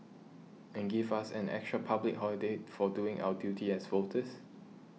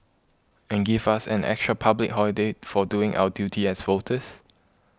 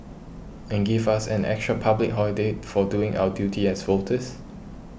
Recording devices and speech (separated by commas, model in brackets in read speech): mobile phone (iPhone 6), close-talking microphone (WH20), boundary microphone (BM630), read sentence